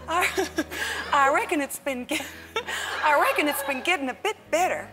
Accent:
Southern accent